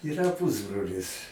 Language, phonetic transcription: Lithuanian, yˈra ˈpusbrolis

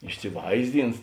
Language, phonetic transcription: Lithuanian, išsiˈvaizˌdins

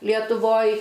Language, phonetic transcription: Lithuanian, lietuˈvoj

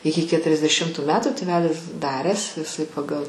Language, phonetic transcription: Lithuanian, ˈiki ketriasdeˈšimtu ˈmete tėˈvelis ˈdaręs iˈsai paˈgal

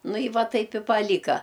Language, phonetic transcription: Lithuanian, ˈnu i ˈva ˈtaip i paˈlyka

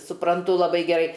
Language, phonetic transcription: Lithuanian, supranˈtu laˈbai geˈrai

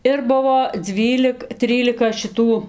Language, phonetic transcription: Lithuanian, ˈir ˈbuvo ˈdzvylik ˈtrylika šiˈtų

